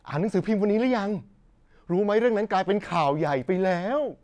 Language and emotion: Thai, happy